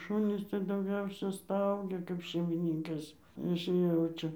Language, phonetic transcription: Lithuanian, ˈšunys tai dauˈgiausia ˈstaugia kap šeimiˈnynkas ˈjis ˈjaučia

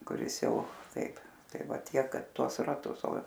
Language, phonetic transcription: Lithuanian, kuˈris ˈjau ˈtaip ˈtai ˈva ˈtiek ˈkad ˈtuos raˈtus o

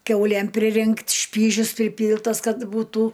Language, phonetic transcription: Lithuanian, ˈkiaulėm priˈrinkt' ˈšpyžius priˈpyltas ˈkad būˈtų

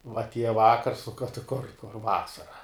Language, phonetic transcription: Lithuanian, va atˈieja ˈvakars ti kur kur ˈvasara

